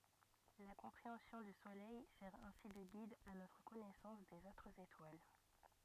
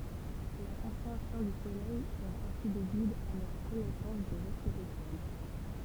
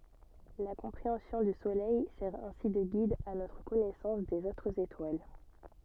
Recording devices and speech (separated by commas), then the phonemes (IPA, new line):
rigid in-ear microphone, temple vibration pickup, soft in-ear microphone, read sentence
la kɔ̃pʁeɑ̃sjɔ̃ dy solɛj sɛʁ ɛ̃si də ɡid a notʁ kɔnɛsɑ̃s dez otʁz etwal